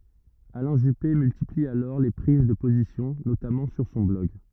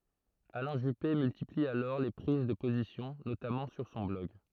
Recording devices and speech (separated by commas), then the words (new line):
rigid in-ear microphone, throat microphone, read sentence
Alain Juppé multiplie alors les prises de position, notamment sur son blog.